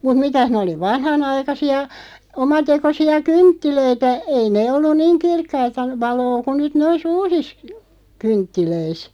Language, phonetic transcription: Finnish, mut 'mitäh nᵉ oli 'vanhanaikasi₍a , 'omatekosi₍a "kynttilöitä , 'ei nee 'olluⁿ "niiŋ 'kirkkaita , 'valoo ku nyt 'nois "uusis , 'kynttilöis .
- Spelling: mutta mitäs ne oli vanhanaikaisia omatekoisia kynttilöitä ei ne ollut niin kirkkaita valoa kuin nyt noissa uusissa kynttilöissä

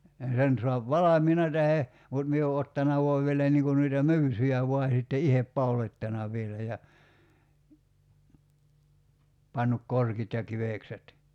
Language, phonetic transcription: Finnish, ja 'sen soap "valamiina tähe , mut mie o 'ottana voav vielä niiŋ kun noita "my̬ysyjä voa sitte "ihep 'paulot́tana 'v̀ielä ja , 'pannuk "korkit ja 'kivèkset .
- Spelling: ja sen saa valmiina tai mutta minä olen ottanut vain vielä niin kuin noita myysyjä vain sitten itse pauloittanut vielä ja pannut korkit ja kivekset

